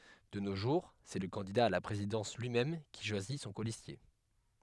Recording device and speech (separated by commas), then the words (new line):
headset microphone, read sentence
De nos jours, c'est le candidat à la présidence lui-même qui choisit son colistier.